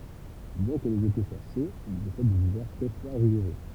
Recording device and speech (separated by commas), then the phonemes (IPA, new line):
temple vibration pickup, read sentence
bjɛ̃ kə lez ete swa ʃoz il pɔsɛd dez ivɛʁ tʁɛ fʁwaz e ʁiɡuʁø